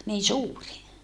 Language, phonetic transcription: Finnish, nii suuri .
- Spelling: niin suuri

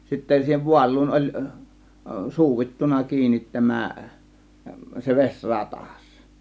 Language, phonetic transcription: Finnish, sittä siihev 'vual̆luun oĺ , "suuittuna "kiinit 'tämä , se 'ves͕ "ratas .
- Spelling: sitten siihen vaaluun oli suudittu kiinni tämä se vesi ratas

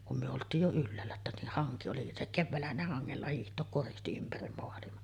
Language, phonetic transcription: Finnish, kum myö olt̀iij jo 'ylläällä että ni haŋki oli , se , "kevväällähän ne 'haŋŋella 'hiiht̆took koristi ympäri moalima .
- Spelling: kun me oltiin jo ylhäällä että niin hanki oli se keväällähän ne hangella hiihtää koristi ympäri maailma

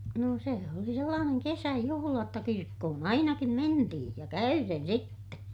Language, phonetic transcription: Finnish, nò sè oli sellaaneŋ kesäjuhula jotta kirkkohon ‿ainakim mentihiḭ , ja käyren sitte .
- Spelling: no se oli sellainen kesäjuhla jotta kirkkoon ainakin mentiin ja käyden sitten

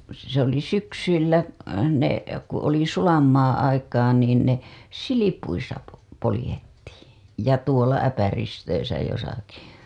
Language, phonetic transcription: Finnish, se ‿oli syksyillä , ne , ku ‿oli 'sulam maaa̰ aikaa niin ne , "silipuisa po- , polĭjettiiḭ , ja tuola 'äpäristöisä josaki .
- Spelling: se oli syksyillä ne kun oli sulan maan aikaa niin ne silpuissa - poljettiin ja tuolla äpäristöissä jossakin

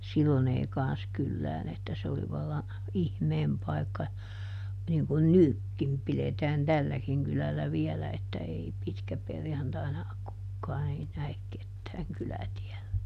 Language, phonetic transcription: Finnish, ˈsillon ‿ei ˈkan̬s kyllään ‿että se oli ˈvalla , ˈihmeem pai̮kka , niŋ kun "nykkim ˈpiletään "tälläkiŋ ˈkylällä ˈviɛlä että ˈei ˈpitkäperjantaina , ˈkukkaan ‿ei nä₍ek ˈkettääŋ ˈkylätiɛllä .
- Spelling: silloin ei kanssa kylään että se oli vallan ihmeen paikka niin kuin nytkin pidetään tälläkin kylällä vielä että ei pitkäperjantaina kukaan ei näe ketään kylätiellä

